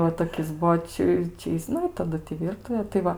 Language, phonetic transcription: Lithuanian, va toˈkis ˈbuo ˈči ˈčia jis ˈnu i taˈdu ti ˈvyrtuvė tai ˈva

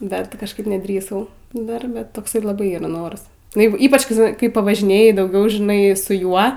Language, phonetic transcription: Lithuanian, ˈdar ˈti kažˈkaip neˈdrįsau ˈdarbe ˈtoks laˈbai ˈyra ˈnoras nu ˈjeigu ˈypač kai ˈži kai pavažiˈnėji dauˈgiau žiˈnai su ˈjuo

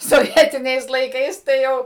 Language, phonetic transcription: Lithuanian, soˈvietiniais laiˈkais tai ˈjau

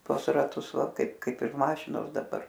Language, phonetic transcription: Lithuanian, ˈtuos raˈtus ˈva ˈkaip ˈkaip ir ˈmašinos daˈbar

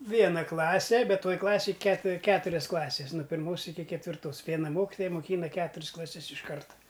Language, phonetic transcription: Lithuanian, ˈviena ˈklase ˈbet ˈtoj ˈklasėj ket ˈketurias ˈklases nu pirˈmos ˈiki ketvirˈtos ˈviena ˈmokitoja moˈkyna ˈketur's klaˈses iš ˈkarta

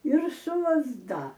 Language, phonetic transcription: Lithuanian, ir su lazˈda

